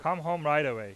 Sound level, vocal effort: 97 dB SPL, very loud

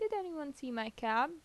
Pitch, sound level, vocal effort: 280 Hz, 84 dB SPL, normal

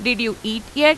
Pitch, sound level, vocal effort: 230 Hz, 92 dB SPL, loud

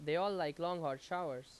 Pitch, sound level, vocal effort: 170 Hz, 90 dB SPL, loud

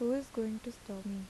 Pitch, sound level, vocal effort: 225 Hz, 81 dB SPL, soft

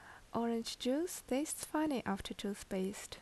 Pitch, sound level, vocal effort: 230 Hz, 74 dB SPL, normal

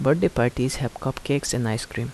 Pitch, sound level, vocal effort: 125 Hz, 77 dB SPL, soft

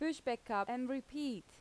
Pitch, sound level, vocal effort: 250 Hz, 86 dB SPL, loud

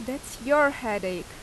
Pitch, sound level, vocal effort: 255 Hz, 87 dB SPL, loud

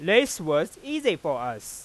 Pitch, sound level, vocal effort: 200 Hz, 99 dB SPL, loud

